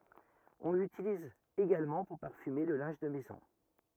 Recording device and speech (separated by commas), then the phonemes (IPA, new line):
rigid in-ear microphone, read sentence
ɔ̃ lytiliz eɡalmɑ̃ puʁ paʁfyme lə lɛ̃ʒ də mɛzɔ̃